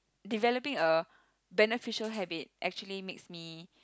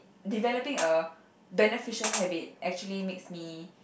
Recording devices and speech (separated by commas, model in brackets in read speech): close-talking microphone, boundary microphone, conversation in the same room